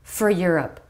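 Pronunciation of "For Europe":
In 'for', the vowel is reduced to a schwa, and the schwa and r make one sound, er. The ending r of 'for' links into the beginning vowel of 'Europe'.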